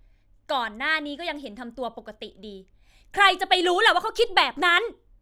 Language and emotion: Thai, angry